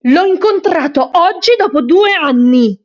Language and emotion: Italian, angry